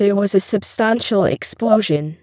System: VC, spectral filtering